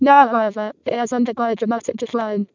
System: VC, vocoder